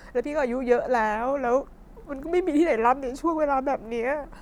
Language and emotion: Thai, sad